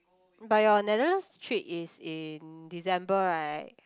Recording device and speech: close-talking microphone, conversation in the same room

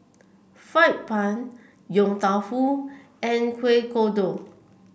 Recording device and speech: boundary microphone (BM630), read sentence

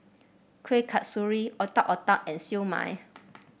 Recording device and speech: boundary microphone (BM630), read sentence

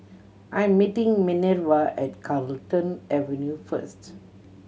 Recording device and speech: mobile phone (Samsung C7100), read sentence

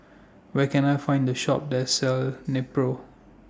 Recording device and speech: standing microphone (AKG C214), read sentence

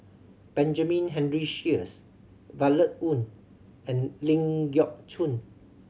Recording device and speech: mobile phone (Samsung C7100), read sentence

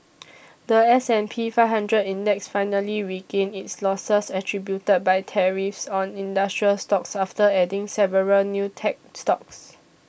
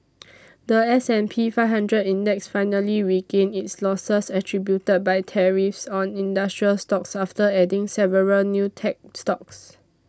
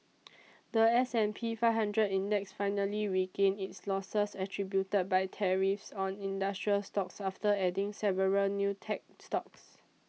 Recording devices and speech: boundary microphone (BM630), standing microphone (AKG C214), mobile phone (iPhone 6), read sentence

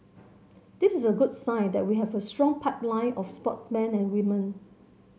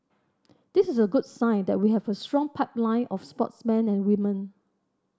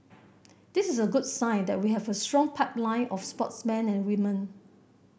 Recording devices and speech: mobile phone (Samsung C7100), standing microphone (AKG C214), boundary microphone (BM630), read sentence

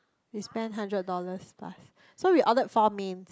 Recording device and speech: close-talking microphone, conversation in the same room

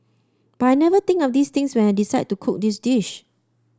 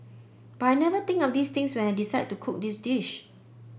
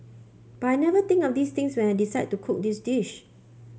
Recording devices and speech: standing microphone (AKG C214), boundary microphone (BM630), mobile phone (Samsung C5), read sentence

